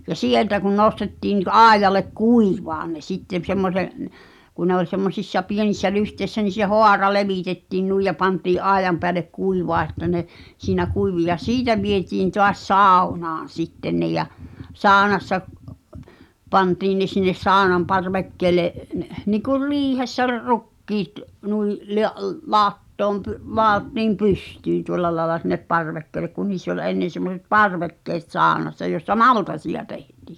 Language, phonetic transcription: Finnish, ja "sieltä kun 'nostettii ni k-'ài̬j̆jalek "kuivaan̆ ne 'sittem semmose- , -n , ku ne ‿ol semmos̳̀issa 'pienissä 'lyhtèissä ni se "hoara 'levìtettiin nuij ja 'pantii’ "’aejam peälek 'kuivaa että ne , 'siinä kuivi ja "siitä vietiin toas "sàu̬naan̬ 'sitten ne ja , "saaᵒnassa , 'pantiin ne sinnes 'saaᵒnam "parvekkeele , nikur "riihessä r- , 'rukkiit , nui’ , (le- ’əl-) 'làttoom py- , 'laottiim "pystyyn̆ 'tuol̜la laĕla sinnep "parvekkeelek kun 'niiss ‿oĺ ennen̬ semmoset "parvekkeet 'sàonassa jossa "maltasiʲa tᴇhtɪ̳ .
- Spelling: ja sieltä kun nostettiin niin aidalle kuivamaan ne sitten - semmoisen kun ne oli semmoisissa pienissä lyhteissä niin se haara levitettiin noin ja pantiin aidan päälle kuivamaan että ne siinä kuivui ja siitä vietiin taas saunaan sitten ne ja saunassa pantiin ne sinne saunan parvekkeelle niin kuin riihessä - rukiit noin - - latoon - ladottiin pystyyn tuolla lailla sinne parvekkeelle kun niissä oli ennen semmoiset parvekkeet saunassa jossa maltaita tehtiin

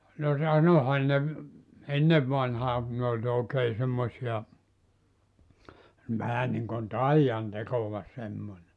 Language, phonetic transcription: Finnish, no 'sanohan ne ‿v- , "ennev vanhaa kun ne oĺ 'òekee 'semmosi₍a , 'vähä niŋkon "taijan 'tekova semmońe .
- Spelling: no sanoihan ne - ennen vanhaan kun ne oli oikein semmoisia vähän niin kuin taian tekoa semmoinen

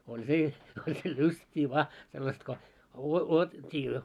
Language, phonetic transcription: Finnish, 'oĺ se , oĺ se "lyst́ii vaa , sellast ko , uo- 'uotett́ii jo .
- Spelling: oli se oli se lystiä vain sellaista kun - odotettiin jo

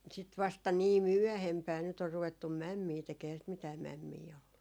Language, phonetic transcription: Finnish, sit 'vasta nii "myɔ̈̀hempää nyt ‿or 'ruvettum̆ "mämmii 'tekee ehää sit mitää 'mämmii ollu .
- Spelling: sitten vasta niin myöhempään nyt on ruvettu mämmiä tekemään eihän sitä mitään mämmiä ollut

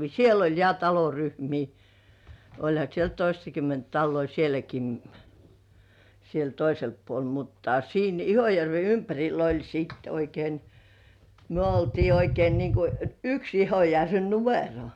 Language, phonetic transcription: Finnish, 'siel ‿oĺ ja "taloryhmii , oĺha siel "toistakymment talloi 'sieläki ni , siel toiselppuol mutta siin ‿"Ihojärve 'ympäŕil̆l ‿oĺ siit ‿oikein , myö oltii oikein niŋku , "yks 'Ihojärve "numero .
- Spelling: siellä oli ja taloryhmiä olihan siellä toistakymmentä taloja sielläkin niin siellä toisella puolella mutta siinä Ihojärven ympärillä oli sitten oikein me oltiin oikein niin kuin yksi Ihojärven numero

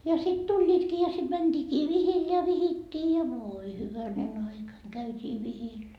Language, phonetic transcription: Finnish, ja sit 'tuĺĺiitkii ja sit 'mänDiikii 'vihil ja 'vihittii ja 'vooi 'hyvänen ‿aika käyt́ii 'vihil .
- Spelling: ja sitten tulivatkin ja sitten mentiinkin vihille ja vihittiin ja voi hyvänen aika käytiin vihillä

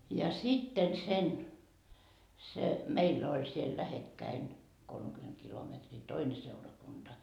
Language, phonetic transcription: Finnish, ja 'sitten sen , se , "meill ‿oĺ siel 'lähekkäin , kolmekyment kilometrii "toine 'seurakunDa .
- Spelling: ja sitten sen se meillä oli siellä lähekkäin kolmekymmentä kilometriä toinen seurakunta

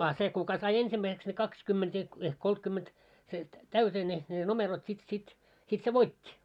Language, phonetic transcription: Finnish, a 'se 'kuka sai 'ensimmäiseks ne 'kakskymment ‿ehk , ehk 'koltkymment , se , "täytee ne , ne "nomerot sit sit , sit se "voit́t́i .
- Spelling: a se kuka sai ensimmäiseksi ne kaksikymmentä ehkä ehkä kolmekymmentä se täyteen ne ne numerot sitten sitten sitten se voitti

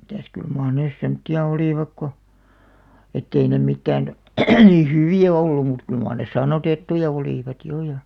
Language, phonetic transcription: Finnish, mitäs 'kyl maar 'nès 'semᵒtti₍a "olìvak ko , ettei ne 'mittään , ni "hyvì₍ä 'oilu mut 'kyl maar nes "sannotettuja 'olìvat 'jo ja ,.
- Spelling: mitäs kyllä mar ne semmoisia olivat kun että ei ne mitään niin hyviä ollut mutta kyllä mar ne sannoitettuja olivat jo ja

